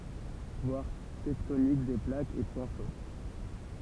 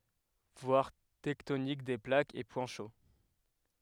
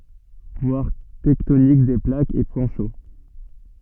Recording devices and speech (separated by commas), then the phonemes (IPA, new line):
temple vibration pickup, headset microphone, soft in-ear microphone, read sentence
vwaʁ tɛktonik de plakz e pwɛ̃ ʃo